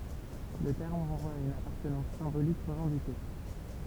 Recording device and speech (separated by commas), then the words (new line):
temple vibration pickup, read sentence
Le terme renvoie à une appartenance symbolique revendiquée.